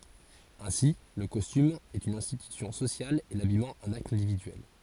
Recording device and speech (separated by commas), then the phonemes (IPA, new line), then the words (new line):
forehead accelerometer, read sentence
ɛ̃si lə kɔstym ɛt yn ɛ̃stitysjɔ̃ sosjal e labijmɑ̃ œ̃n akt ɛ̃dividyɛl
Ainsi le costume est une institution sociale et l'habillement un acte individuel.